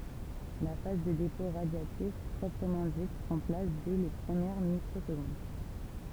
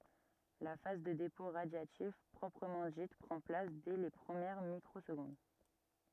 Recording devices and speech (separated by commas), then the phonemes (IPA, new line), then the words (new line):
temple vibration pickup, rigid in-ear microphone, read sentence
la faz də depɔ̃ ʁadjatif pʁɔpʁəmɑ̃ dit pʁɑ̃ plas dɛ le pʁəmjɛʁ mikʁozɡɔ̃d
La phase de dépôt radiatif proprement dite prend place dès les premières microsecondes.